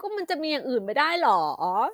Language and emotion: Thai, happy